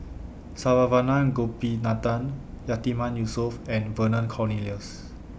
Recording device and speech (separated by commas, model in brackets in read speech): boundary microphone (BM630), read sentence